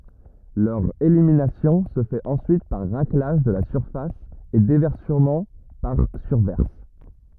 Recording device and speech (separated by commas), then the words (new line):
rigid in-ear microphone, read sentence
Leur élimination se fait ensuite par raclage de la surface et déversement par surverse.